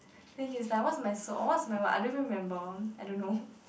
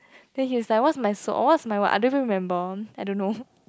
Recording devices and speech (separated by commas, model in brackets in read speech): boundary microphone, close-talking microphone, conversation in the same room